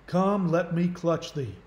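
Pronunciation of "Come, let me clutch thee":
'Come, let me clutch thee' is said in a Southern accent.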